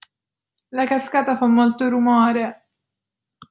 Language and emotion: Italian, fearful